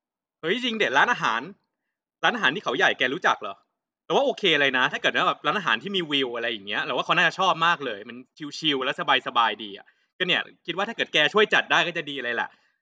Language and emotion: Thai, happy